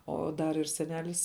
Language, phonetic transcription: Lithuanian, ˈo ˈdar ir seˈnelis

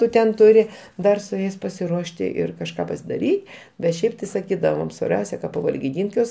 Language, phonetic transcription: Lithuanian, ˈtu ten ˈturi ˈdar su ˈjais pasiˈruošti ˈir kažˈką pasidaˈry bet ˈšiaip ti saˈkydavom svarˈbiausia ka pavalgiˈdynt' ˈjuos

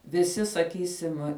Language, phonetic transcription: Lithuanian, viˈsi saˈkysim

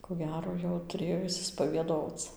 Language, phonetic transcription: Lithuanian, ko ˈgero jau tuˈrėjo išsispavieˈdoc

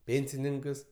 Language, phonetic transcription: Lithuanian, ˈpėnsininkas

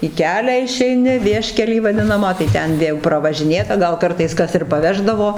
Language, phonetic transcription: Lithuanian, į ˈkelią išeiˈni ˈvieškelį vaˈdinamą tai ˈten ˈvė jau pravažiˈnėta ˈgal ˈkartais ˈkas ir paˈveždavo

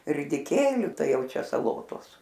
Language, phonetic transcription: Lithuanian, ridiˈkėliu ˈtai ˈjau čia saˈlotos

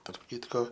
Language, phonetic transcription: Lithuanian, tarp ˈkitko

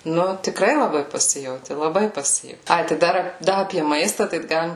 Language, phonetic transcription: Lithuanian, ˈnu tiˈkrai laˈbai paˈsijauti laˈbai paˈsijau ˈai tai ˈdar ˈda apie ˈmaistą tai ˈgalim

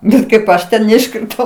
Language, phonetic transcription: Lithuanian, ˈbet kaip ˈaš ten neiškriˈtau

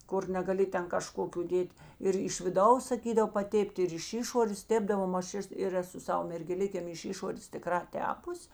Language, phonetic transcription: Lithuanian, ˈkur negaˈli ˈten kaˈžkokiu ˈdėt' ir iš viˈdaus saˈkydav paˈtėp't' ir iš ˈišorės ˈtėpdavom aš ˈes ir ˈeˌsu ˈsava mergeˈlikėm iš ˈišorės tiˈkrā ˈtepus'

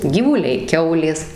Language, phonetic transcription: Lithuanian, gyvuˈliai ˈkiaulės

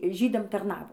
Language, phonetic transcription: Lithuanian, ˈžydam tarˈnavo

